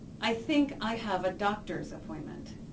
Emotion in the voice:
neutral